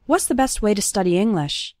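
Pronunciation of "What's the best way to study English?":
The word 'to' becomes 'ta' and is just barely pronounced at the end of 'way'.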